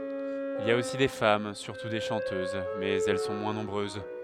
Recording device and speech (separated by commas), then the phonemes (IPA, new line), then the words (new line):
headset microphone, read sentence
il i a osi de fam syʁtu de ʃɑ̃tøz mɛz ɛl sɔ̃ mwɛ̃ nɔ̃bʁøz
Il y a aussi des femmes, surtout des chanteuses, mais elles sont moins nombreuses.